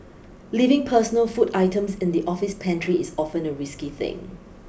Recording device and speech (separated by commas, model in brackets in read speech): boundary microphone (BM630), read sentence